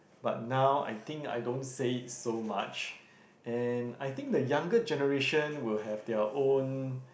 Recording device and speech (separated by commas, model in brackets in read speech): boundary microphone, conversation in the same room